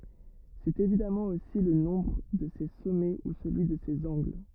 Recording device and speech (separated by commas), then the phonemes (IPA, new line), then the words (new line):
rigid in-ear microphone, read sentence
sɛt evidamɑ̃ osi lə nɔ̃bʁ də se sɔmɛ u səlyi də sez ɑ̃ɡl
C'est évidemment aussi le nombre de ses sommets ou celui de ses angles.